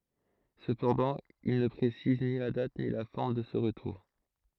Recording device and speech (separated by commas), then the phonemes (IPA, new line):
throat microphone, read sentence
səpɑ̃dɑ̃ il nə pʁesiz ni la dat ni la fɔʁm də sə ʁətuʁ